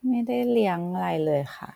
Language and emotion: Thai, neutral